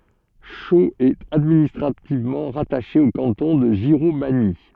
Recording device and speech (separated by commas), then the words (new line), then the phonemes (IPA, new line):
soft in-ear microphone, read sentence
Chaux est administrativement rattachée au canton de Giromagny.
ʃoz ɛt administʁativmɑ̃ ʁataʃe o kɑ̃tɔ̃ də ʒiʁomaɲi